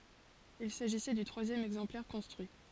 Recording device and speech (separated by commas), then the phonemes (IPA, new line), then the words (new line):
forehead accelerometer, read sentence
il saʒisɛ dy tʁwazjɛm ɛɡzɑ̃plɛʁ kɔ̃stʁyi
Il s'agissait du troisième exemplaire construit.